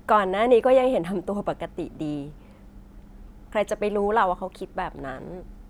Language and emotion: Thai, happy